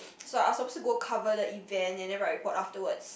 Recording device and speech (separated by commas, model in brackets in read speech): boundary microphone, conversation in the same room